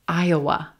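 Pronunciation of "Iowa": In 'Iowa', the second syllable is a very quick schwa.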